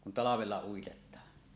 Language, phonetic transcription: Finnish, kun 'talavella 'uitet̆taan .
- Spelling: kun talvella uitetaan

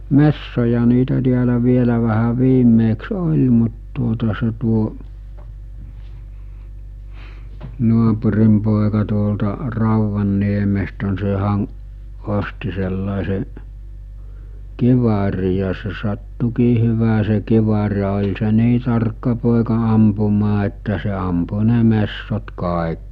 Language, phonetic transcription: Finnish, 'messoja niitä tiälä vielä vähä 'viimmeeks 'oĺ mut tuota se tuo , 'nuapurim pòeka tuolta 'Rauvanniemestä n(ɪ) sehän̬ , 'osti sellàese’ , 'kiva͕rij̆ ja se sattukii hyvä se kivar ja oĺ se 'nii tarkka pòeka ampumaa että se ampu ne 'messot 'kàe(k) .
- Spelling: metsoja niitä täällä vielä vähän viimeksi oli mutta tuota se tuo naapurin poika tuolta Rauvanniemestä niin sehän osti sellaisen kiväärin ja se sattuikin hyvä se kivääri ja oli se niin tarkka poika ampumaan että se ampui ne metsot kaikki

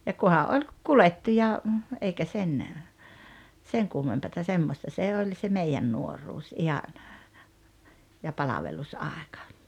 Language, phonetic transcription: Finnish, ja 'kuha '’oĺ , 'kulettii ja , 'eikä sen , 'seŋ kummempata 'semmosta se 'oĺ se "meijän 'nuoruus 'ihan , ja 'palavelus'àekᴀ .
- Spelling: ja kuha oli kuljettiin ja eikä sen sen kummempaa semmoista se oli se meidän nuoruus ihan ja palvelusaika

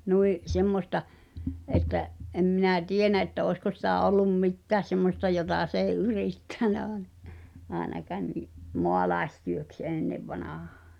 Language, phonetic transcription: Finnish, 'nui’ , "semmosta , ’että’ , '’em minä "tienä että òi̬sko sitä̀ 'ol̆lum "mittääs 'semmosta jotà s ‿ei 'yrìttä̀nä aaᵉna , 'aenakaan ni’ "moalaestyöks 'ènnevvanahᴀᴀ .
- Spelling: niin semmoista että en minä tiedä että olisiko sitä ollut mitään semmoista jota se ei yrittänyt aina ainakaan niin maalaistyöksi ennen vanhaan

